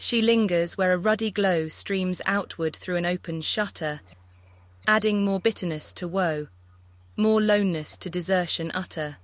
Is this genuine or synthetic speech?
synthetic